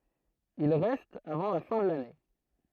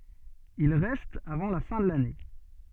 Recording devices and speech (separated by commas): throat microphone, soft in-ear microphone, read sentence